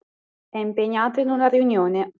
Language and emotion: Italian, neutral